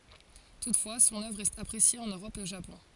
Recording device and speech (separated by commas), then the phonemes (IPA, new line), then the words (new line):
forehead accelerometer, read sentence
tutfwa sɔ̃n œvʁ ʁɛst apʁesje ɑ̃n øʁɔp e o ʒapɔ̃
Toutefois son œuvre reste appréciée en Europe et au Japon.